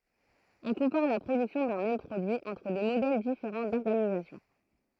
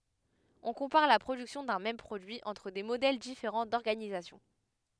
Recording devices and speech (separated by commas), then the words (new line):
throat microphone, headset microphone, read sentence
On compare la production d'un même produit entre des modèles différents d'organisation.